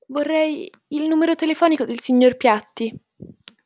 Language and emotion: Italian, fearful